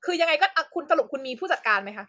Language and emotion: Thai, angry